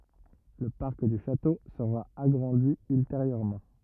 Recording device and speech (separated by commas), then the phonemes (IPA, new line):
rigid in-ear microphone, read sentence
lə paʁk dy ʃato səʁa aɡʁɑ̃di ylteʁjøʁmɑ̃